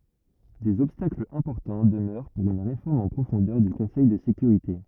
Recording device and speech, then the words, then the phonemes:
rigid in-ear microphone, read sentence
Des obstacles importants demeurent pour une réforme en profondeur du Conseil de sécurité.
dez ɔbstaklz ɛ̃pɔʁtɑ̃ dəmœʁ puʁ yn ʁefɔʁm ɑ̃ pʁofɔ̃dœʁ dy kɔ̃sɛj də sekyʁite

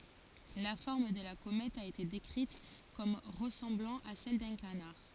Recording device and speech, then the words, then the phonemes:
forehead accelerometer, read sentence
La forme de la comète a été décrite comme ressemblant à celle d'un canard.
la fɔʁm də la komɛt a ete dekʁit kɔm ʁəsɑ̃blɑ̃ a sɛl dœ̃ kanaʁ

